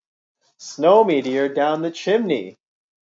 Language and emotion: English, sad